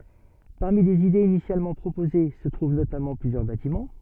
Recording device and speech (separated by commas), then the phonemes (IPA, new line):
soft in-ear microphone, read sentence
paʁmi lez idez inisjalmɑ̃ pʁopoze sə tʁuv notamɑ̃ plyzjœʁ batimɑ̃